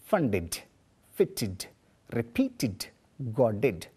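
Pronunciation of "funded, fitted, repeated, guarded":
'Funded, fitted, repeated, guarded' are pronounced correctly, with each -ed ending said as 'id'.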